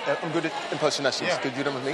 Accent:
british accent